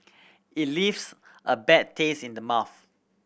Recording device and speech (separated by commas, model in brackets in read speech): boundary microphone (BM630), read sentence